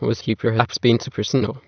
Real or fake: fake